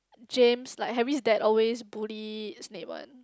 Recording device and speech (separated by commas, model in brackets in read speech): close-talking microphone, conversation in the same room